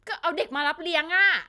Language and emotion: Thai, frustrated